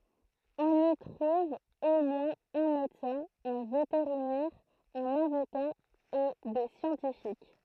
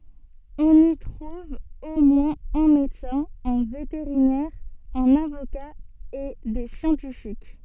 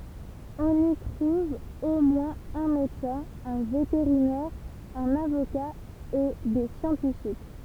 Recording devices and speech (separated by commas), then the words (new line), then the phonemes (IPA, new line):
throat microphone, soft in-ear microphone, temple vibration pickup, read sentence
On y trouve au moins un médecin, un vétérinaire, un avocat et des scientifiques.
ɔ̃n i tʁuv o mwɛ̃z œ̃ medəsɛ̃ œ̃ veteʁinɛʁ œ̃n avoka e de sjɑ̃tifik